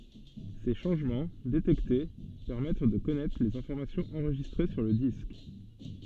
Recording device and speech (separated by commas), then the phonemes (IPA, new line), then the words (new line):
soft in-ear microphone, read sentence
se ʃɑ̃ʒmɑ̃ detɛkte pɛʁmɛt də kɔnɛtʁ lez ɛ̃fɔʁmasjɔ̃z ɑ̃ʁʒistʁe syʁ lə disk
Ces changements, détectés, permettent de connaître les informations enregistrées sur le disque.